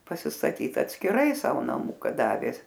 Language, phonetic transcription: Lithuanian, pasistaˈtyt atskiˈrai ˈsavo naˈmuka ˈdavė

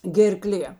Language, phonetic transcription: Lithuanian, gerˈklė

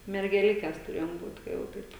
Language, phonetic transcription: Lithuanian, mergeˈlikes tuˈrėjom ˈbūt ka jau ˈtaip

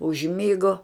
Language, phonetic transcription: Lithuanian, užˈmigo

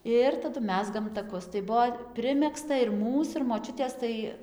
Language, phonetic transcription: Lithuanian, ˈir taˈdu ˈmezgam taˈkus tai ˈbuo ˈprimegzta ir ˈmūs ir moˈčiutės ˈtai

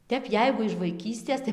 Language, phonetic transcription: Lithuanian, ˈtep ˈjeigu iš vaiˈkystės tai

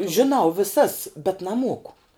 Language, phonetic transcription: Lithuanian, žiˈnau viˈsas bet naˈmuoku

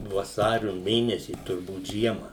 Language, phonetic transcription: Lithuanian, vaˈsariu ˈmėnesį turˈbūt ˈžiema

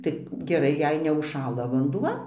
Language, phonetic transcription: Lithuanian, tai geˈrai jei neužˈšąla vanduˈva

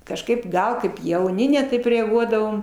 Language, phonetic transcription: Lithuanian, kažˈkaip ˈgal kaip jauˈni ne ˈtaip reaˈguodavom

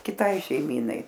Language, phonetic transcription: Lithuanian, kiˈtai šeiˈmynai

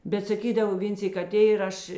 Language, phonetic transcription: Lithuanian, bet saˈkydav ˈvėn ˈsyk aˈtė ir ˈaš

